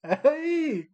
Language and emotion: Thai, happy